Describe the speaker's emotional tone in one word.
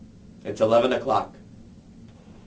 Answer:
neutral